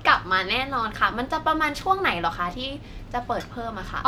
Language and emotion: Thai, happy